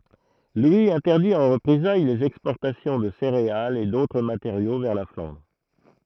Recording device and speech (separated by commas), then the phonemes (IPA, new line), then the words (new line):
throat microphone, read sentence
lwi ɛ̃tɛʁdi ɑ̃ ʁəpʁezaj lez ɛkspɔʁtasjɔ̃ də seʁealz e dotʁ mateʁjo vɛʁ la flɑ̃dʁ
Louis interdit en représailles les exportations de céréales et d'autres matériaux vers la Flandre.